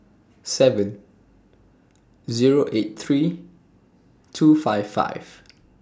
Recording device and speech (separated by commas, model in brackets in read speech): standing microphone (AKG C214), read sentence